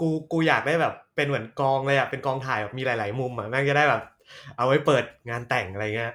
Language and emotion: Thai, happy